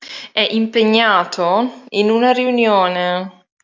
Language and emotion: Italian, disgusted